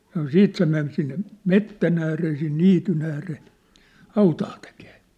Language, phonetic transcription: Finnish, sano "siit se men sinne , "mettän ‿ääree sin "niityn ‿ääree , "hautaa tekee .
- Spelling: sanoi sitten se meni sinne metsän ääreen sinne niityn ääreen hautaa tekemään

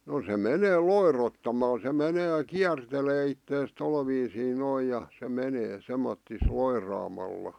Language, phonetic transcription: Finnish, no se 'menee "loirottamal se 'menee "kiärtelee ittees 'tol viisii 'noi ja , se 'menee , semmottis 'loiraamalla .
- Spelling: no se menee loirottamalla se menee kiertelee itseään tuolla viisiin noin ja se menee semmottoon loiraamalla

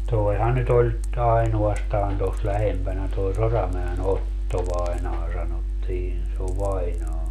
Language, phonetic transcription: Finnish, 'toehan nyt ‿oĺ , 'ainu₍astaan tos 'lähempänä toi "Soramäe"n ‿Otto vainaa sanottiin - se ov 'vainaa .
- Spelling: tuohan nyt oli ainoastaan tuossa lähempänä tuo Soramäen - Otto-vainaja sanottiin se on vainaja

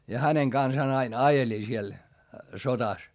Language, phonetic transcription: Finnish, ja häneŋ kansaan ain ajeli siel , sotas .
- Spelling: ja hänen kanssaan aina ajelin siellä sodassa

